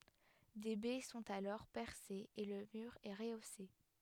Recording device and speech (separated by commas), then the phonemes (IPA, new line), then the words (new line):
headset microphone, read sentence
de bɛ sɔ̃t alɔʁ pɛʁsez e lə myʁ ɛ ʁəose
Des baies sont alors percées et le mur est rehaussé.